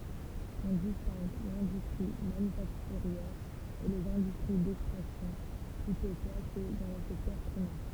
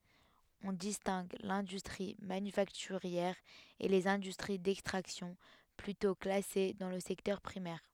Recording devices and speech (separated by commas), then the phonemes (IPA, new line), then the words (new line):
temple vibration pickup, headset microphone, read sentence
ɔ̃ distɛ̃ɡ lɛ̃dystʁi manyfaktyʁjɛʁ e lez ɛ̃dystʁi dɛkstʁaksjɔ̃ plytɔ̃ klase dɑ̃ lə sɛktœʁ pʁimɛʁ
On distingue l’industrie manufacturière et les industries d'extraction plutôt classées dans le secteur primaire.